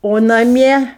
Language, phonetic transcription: Lithuanian, o naˈmie

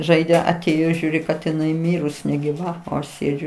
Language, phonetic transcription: Lithuanian, ˈžaidė aˈtėjo ˈžiūri kad iˈnai ˈmyrus negiˈva o ˈaš ˈsėdžiu

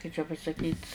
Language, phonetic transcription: Lithuanian, kai čia pasaˈkyt'

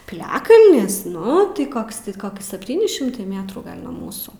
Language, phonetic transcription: Lithuanian, piˈliakalnis ˈnu tai ˈkoks ti ˈkoks sepˈtyni šimˈtai ˈmėtrų ˈgal' nuo ˈmūsų

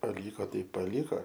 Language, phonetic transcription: Lithuanian, paˈlyko ˈtai palyˈko

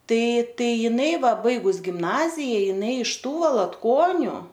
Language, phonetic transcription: Lithuanian, ˈtai ˈtai ˈjinai ˈva ˈbaigus gimˈnazija jiˈnai iš ˈtų valatˈkoniu

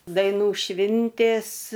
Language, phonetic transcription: Lithuanian, daiˈnų ˈšvintės

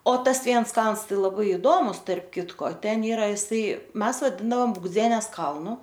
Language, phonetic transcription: Lithuanian, o ˈtas ˈviens ˈkalns ˈtai laˈbai iˈdomus tarp ˈkitko ˈten ˈyra iˈsai ˈmes vaˈdindaom bugˈdzienes ˈkalnu

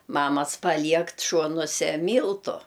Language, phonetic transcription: Lithuanian, ˈmamas paˈliekt ˈšuonuose ˈmyltu

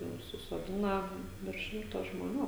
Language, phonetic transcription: Lithuanian, jau susoˈdina virš ˈšimto žmoˈnių

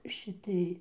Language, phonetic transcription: Lithuanian, šiˈtij

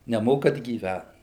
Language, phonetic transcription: Lithuanian, neˈmokat gyˈvæt

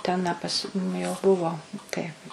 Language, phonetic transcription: Lithuanian, ˈten a ˈpas nu jau ˈbuvo tai

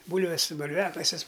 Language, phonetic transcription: Lithuanian, ˈbūlves bulˈviakasis

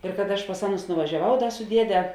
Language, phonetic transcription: Lithuanian, ir kad ˈaš pas ˈaˌnus nuvažiaˈvau ˈda su ˈdiede

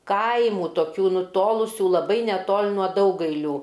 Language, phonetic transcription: Lithuanian, ˈkaimų toˈkių nuˈtolusių laˈbai neˈtol' nuo ˈdaugailių

